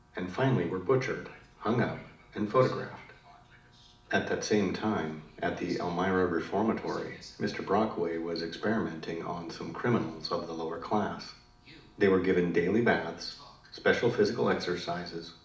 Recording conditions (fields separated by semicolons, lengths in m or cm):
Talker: one person; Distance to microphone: 2.0 m; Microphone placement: close; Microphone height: 99 cm; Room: medium-sized (5.7 m by 4.0 m); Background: television